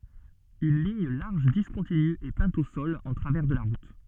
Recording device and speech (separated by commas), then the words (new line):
soft in-ear microphone, read sentence
Une ligne large discontinue est peinte au sol en travers de la route.